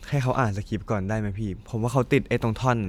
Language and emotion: Thai, neutral